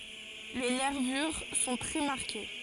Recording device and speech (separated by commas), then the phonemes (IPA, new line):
forehead accelerometer, read sentence
le nɛʁvyʁ sɔ̃ tʁɛ maʁke